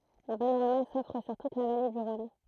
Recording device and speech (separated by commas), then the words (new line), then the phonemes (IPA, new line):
throat microphone, read sentence
Un panorama s'offre sur toute la vallée du Rhône.
œ̃ panoʁama sɔfʁ syʁ tut la vale dy ʁɔ̃n